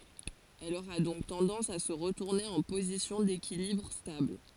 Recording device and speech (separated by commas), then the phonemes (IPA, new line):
forehead accelerometer, read sentence
ɛl oʁa dɔ̃k tɑ̃dɑ̃s a sə ʁətuʁne ɑ̃ pozisjɔ̃ dekilibʁ stabl